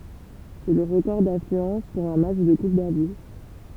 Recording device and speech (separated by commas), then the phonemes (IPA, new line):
temple vibration pickup, read sentence
sɛ lə ʁəkɔʁ daflyɑ̃s puʁ œ̃ matʃ də kup davi